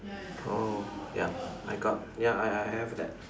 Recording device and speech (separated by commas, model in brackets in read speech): standing microphone, conversation in separate rooms